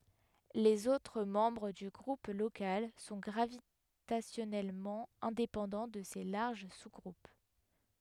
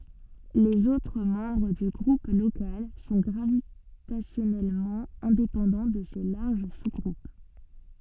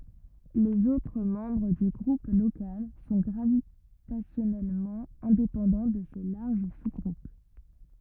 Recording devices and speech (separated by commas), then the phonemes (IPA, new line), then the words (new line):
headset microphone, soft in-ear microphone, rigid in-ear microphone, read sentence
lez otʁ mɑ̃bʁ dy ɡʁup lokal sɔ̃ ɡʁavitasjɔnɛlmɑ̃ ɛ̃depɑ̃dɑ̃ də se laʁʒ suzɡʁup
Les autres membres du Groupe local sont gravitationnellement indépendants de ces larges sous-groupes.